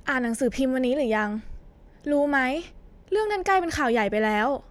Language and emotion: Thai, frustrated